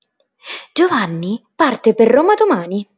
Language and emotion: Italian, surprised